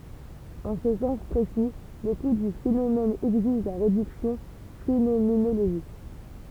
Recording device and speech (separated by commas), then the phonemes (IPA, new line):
temple vibration pickup, read sentence
ɑ̃ sə sɑ̃s pʁesi lekut dy fenomɛn ɛɡziʒ la ʁedyksjɔ̃ fenomenoloʒik